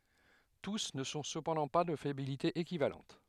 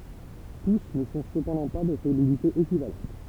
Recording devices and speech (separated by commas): headset microphone, temple vibration pickup, read sentence